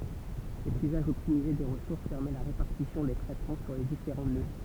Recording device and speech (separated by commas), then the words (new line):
temple vibration pickup, read sentence
Cet usage optimisé des ressources permet la répartition des traitements sur les différents nœuds.